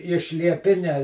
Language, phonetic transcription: Lithuanian, iš lieˈpinia

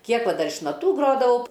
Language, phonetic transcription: Lithuanian, ˈkiek ˈva ˈdar iš naˈtų ˈgrodavau

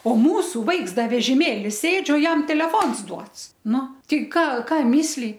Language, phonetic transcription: Lithuanian, o ˈmūsu ˈvaiks ˈda vežiˈmėli ˈsėdž' o ˈjam teleˈfons ˈduots ˈnu tei ˈką ˈką misˈly

